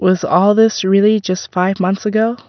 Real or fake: real